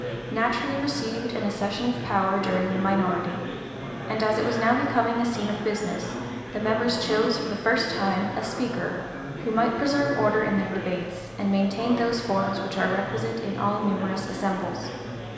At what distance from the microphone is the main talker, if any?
1.7 m.